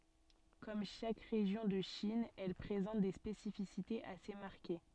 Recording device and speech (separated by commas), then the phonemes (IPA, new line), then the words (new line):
soft in-ear microphone, read sentence
kɔm ʃak ʁeʒjɔ̃ də ʃin ɛl pʁezɑ̃t de spesifisitez ase maʁke
Comme chaque région de Chine, elle présente des spécificités assez marquées.